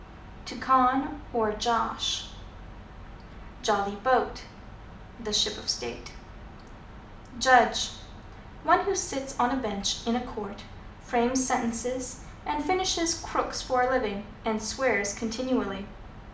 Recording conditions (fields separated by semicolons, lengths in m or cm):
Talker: one person; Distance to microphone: 2.0 m; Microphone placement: close; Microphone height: 99 cm; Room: medium-sized (5.7 m by 4.0 m); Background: none